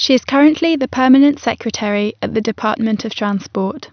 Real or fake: real